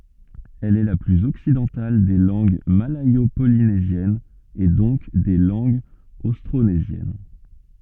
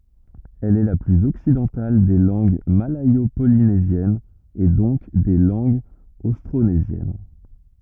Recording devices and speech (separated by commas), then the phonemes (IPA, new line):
soft in-ear microphone, rigid in-ear microphone, read sentence
ɛl ɛ la plyz ɔksidɑ̃tal de lɑ̃ɡ malɛjo polinezjɛnz e dɔ̃k de lɑ̃ɡz ostʁonezjɛn